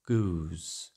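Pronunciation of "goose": In 'goose', the vowel breaks into a closing diphthong that ends with a w glide, as in standard southern British.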